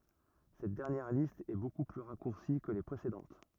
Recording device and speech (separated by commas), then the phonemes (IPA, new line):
rigid in-ear microphone, read sentence
sɛt dɛʁnjɛʁ list ɛ boku ply ʁakuʁsi kə le pʁesedɑ̃t